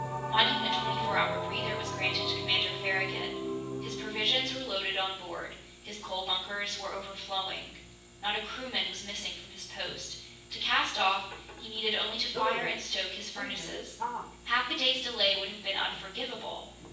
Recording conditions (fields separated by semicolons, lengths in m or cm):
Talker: one person; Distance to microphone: 9.8 m; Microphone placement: far; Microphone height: 1.8 m; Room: large; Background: television